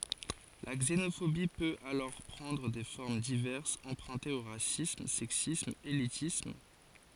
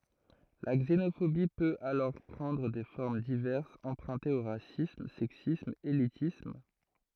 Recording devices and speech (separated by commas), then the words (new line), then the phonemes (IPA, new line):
forehead accelerometer, throat microphone, read sentence
La xénophobie peut alors prendre des formes diverses empruntées au racisme, sexisme, élitisme...
la ɡzenofobi pøt alɔʁ pʁɑ̃dʁ de fɔʁm divɛʁsz ɑ̃pʁœ̃tez o ʁasism sɛksism elitism